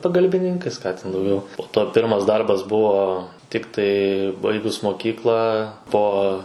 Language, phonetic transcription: Lithuanian, pagalbiˈninkais ˈką ten dauˈgiau po to ˈpirmas ˈdarbas ˈbuvo ˈtiktai ˈbaigus moˈkyklą ˈpo

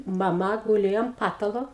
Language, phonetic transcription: Lithuanian, maˈma guˈlėjo am ˈpatalo

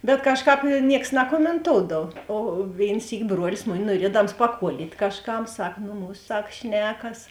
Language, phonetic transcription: Lithuanian, bet ˈkažˌkāp ˈnieks nakomenˈtoudav o ˈvėin ˈsyki ˈbruolis ˈmuˌni nuoˈriedams paˈkuolyt' kažˈkam ˈsak ˈnu ˈmūs ˈsak ˈšnekas

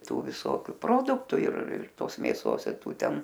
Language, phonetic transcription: Lithuanian, ˈtų viˈsokiu ˈproduktu ir ir ˈtos mėˈsos ir ˈtų ˈten

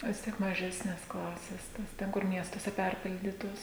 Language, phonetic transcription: Lithuanian, vis ˈtiek maˈžesnės ˈklasės ˈtas ˈten kur ˈmiestuose ˈperpildytos

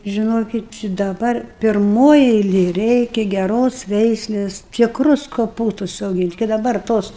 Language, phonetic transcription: Lithuanian, žiˈnokit či daˈbar pirˈmoj eiˈlėj ˈreikia geˈros ˈveislės tikˈrus koˈpūstus auˈgynt kai daˈbar ˈtos

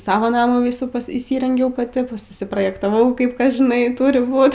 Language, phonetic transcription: Lithuanian, ˈsavo ˈnamų ˈvysų pas įˈsyrengiau paˈti ˈpusi susiprojektaˈvau ˈkaip ˈkas žiˈnai ˈturi ˈbūt

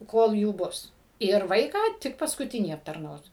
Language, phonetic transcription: Lithuanian, ˈkol ˈjų ˈbus ir ˈvaiką ˈtik paskuˈtinį aptarˈnaus

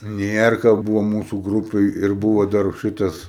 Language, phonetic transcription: Lithuanian, ˈnierka ˈbūvo ˈmūsu ˈgrūpėj ir ˈbūvo dar ˈšitas

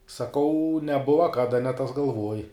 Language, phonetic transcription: Lithuanian, saˈkau neˈbuva ˈkada ne tas galˈvoj

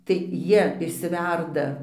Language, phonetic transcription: Lithuanian, tai ˈjie išsiˈverda

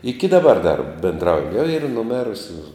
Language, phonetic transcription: Lithuanian, ˈiki daˈbar dar benˈdrauju jau yr nuˈmėrusiu

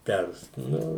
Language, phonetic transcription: Lithuanian, ˈpers ˈnu

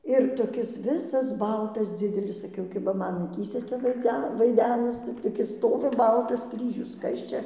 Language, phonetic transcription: Lithuanian, ir toˈkis ˈvisas ˈbaltas ˈdzidelis saˈkiau kiba ˈman aˈkyse ˈcia vaiˈdze vaiˈdenasi toˈkis ˈstovi ˈbaltas ˈkryžius ˈkas čia

